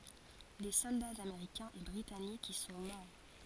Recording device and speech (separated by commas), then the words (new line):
forehead accelerometer, read sentence
Des soldats américains et britanniques y sont morts.